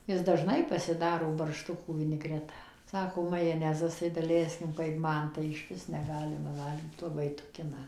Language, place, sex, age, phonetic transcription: Lithuanian, Suvalkija, female, 60+, ˈjis daˈžnai pasiˈdaro barˈštukų viniˈgreta ˈsako majaˈnezas tai daˈleiskim kaip ˈman tai ˈišvis neˈgalima ˈvalgyt laˈbai ˈtukina

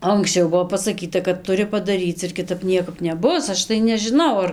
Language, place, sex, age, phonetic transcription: Lithuanian, Dzūkija, female, 18-60, anksˈčiau ˈbuvo pasaˈkyta kad tuˈri padaˈryc ir kiˈtap ˈniekap neˈbus ˈaš tai nežiˈnau ˈar

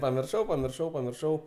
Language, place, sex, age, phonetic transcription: Lithuanian, Aukštaitija, male, 18-60, pamirˈšau pamirˈšau pamirˈšau

